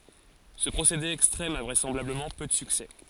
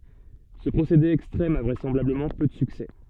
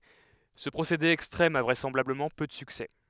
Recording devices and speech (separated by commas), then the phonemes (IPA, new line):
forehead accelerometer, soft in-ear microphone, headset microphone, read sentence
sə pʁosede ɛkstʁɛm a vʁɛsɑ̃blabləmɑ̃ pø də syksɛ